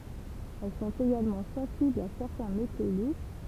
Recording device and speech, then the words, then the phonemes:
temple vibration pickup, read sentence
Elles sont également sensibles à certains métaux lourds.
ɛl sɔ̃t eɡalmɑ̃ sɑ̃siblz a sɛʁtɛ̃ meto luʁ

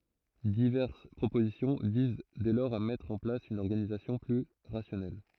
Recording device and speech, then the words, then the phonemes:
throat microphone, read sentence
Diverses propositions visent dès lors à mettre en place une organisation plus rationnelle.
divɛʁs pʁopozisjɔ̃ viz dɛ lɔʁz a mɛtʁ ɑ̃ plas yn ɔʁɡanizasjɔ̃ ply ʁasjɔnɛl

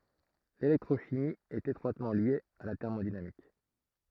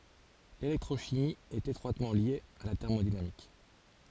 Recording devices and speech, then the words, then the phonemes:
throat microphone, forehead accelerometer, read sentence
L'électrochimie est étroitement liée à la thermodynamique.
lelɛktʁoʃimi ɛt etʁwatmɑ̃ lje a la tɛʁmodinamik

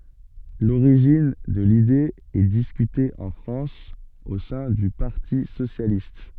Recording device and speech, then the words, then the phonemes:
soft in-ear microphone, read sentence
L'origine de l'idée est discutée en France au sein du Parti socialiste.
loʁiʒin də lide ɛ diskyte ɑ̃ fʁɑ̃s o sɛ̃ dy paʁti sosjalist

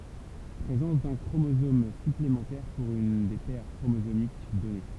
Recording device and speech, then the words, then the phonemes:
temple vibration pickup, read sentence
Présence d'un chromosomes- supplémentaires pour une des paires chromosomiques donnée.
pʁezɑ̃s dœ̃ kʁomozom syplemɑ̃tɛʁ puʁ yn de pɛʁ kʁomozomik dɔne

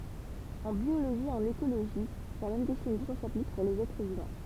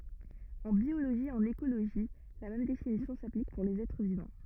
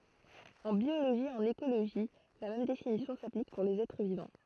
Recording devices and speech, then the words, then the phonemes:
temple vibration pickup, rigid in-ear microphone, throat microphone, read sentence
En biologie et en écologie la même définition s'applique pour les êtres vivants.
ɑ̃ bjoloʒi e ɑ̃n ekoloʒi la mɛm definisjɔ̃ saplik puʁ lez ɛtʁ vivɑ̃

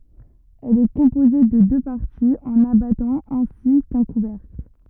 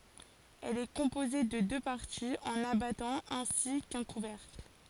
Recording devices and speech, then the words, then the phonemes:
rigid in-ear microphone, forehead accelerometer, read sentence
Elle est composée de deux parties, un abattant ainsi qu'un couvercle.
ɛl ɛ kɔ̃poze də dø paʁtiz œ̃n abatɑ̃ ɛ̃si kœ̃ kuvɛʁkl

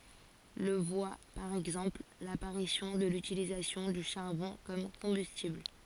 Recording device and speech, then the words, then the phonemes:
forehead accelerometer, read sentence
Le voit par exemple, l'apparition de l'utilisation du charbon comme combustible.
lə vwa paʁ ɛɡzɑ̃pl lapaʁisjɔ̃ də lytilizasjɔ̃ dy ʃaʁbɔ̃ kɔm kɔ̃bystibl

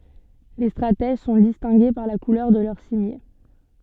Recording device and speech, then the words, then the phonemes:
soft in-ear microphone, read sentence
Les stratèges sont distingués par la couleur de leur cimier.
le stʁatɛʒ sɔ̃ distɛ̃ɡe paʁ la kulœʁ də lœʁ simje

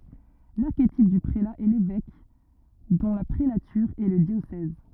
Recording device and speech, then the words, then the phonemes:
rigid in-ear microphone, read sentence
L'archétype du prélat est l'évêque, dont la prélature est le diocèse.
laʁketip dy pʁela ɛ levɛk dɔ̃ la pʁelatyʁ ɛ lə djosɛz

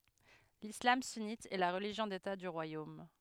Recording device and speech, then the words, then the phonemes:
headset microphone, read sentence
L'islam sunnite est la religion d'État du royaume.
lislam synit ɛ la ʁəliʒjɔ̃ deta dy ʁwajom

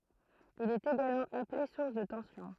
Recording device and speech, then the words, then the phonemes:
throat microphone, read sentence
Il est également appelé source de tension.
il ɛt eɡalmɑ̃ aple suʁs də tɑ̃sjɔ̃

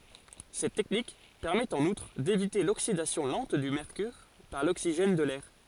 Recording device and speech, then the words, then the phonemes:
forehead accelerometer, read sentence
Cette technique permet en outre d'éviter l'oxydation lente du mercure par l'oxygène de l'air.
sɛt tɛknik pɛʁmɛt ɑ̃n utʁ devite loksidasjɔ̃ lɑ̃t dy mɛʁkyʁ paʁ loksiʒɛn də lɛʁ

